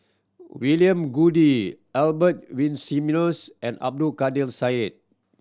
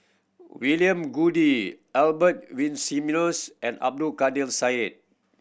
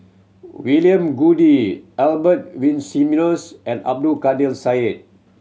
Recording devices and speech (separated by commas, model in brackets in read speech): standing microphone (AKG C214), boundary microphone (BM630), mobile phone (Samsung C7100), read sentence